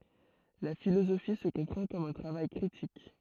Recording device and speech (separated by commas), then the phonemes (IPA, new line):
throat microphone, read sentence
la filozofi sə kɔ̃pʁɑ̃ kɔm œ̃ tʁavaj kʁitik